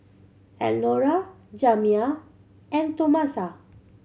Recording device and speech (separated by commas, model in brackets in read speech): mobile phone (Samsung C7100), read sentence